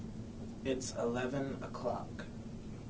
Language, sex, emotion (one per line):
English
male
neutral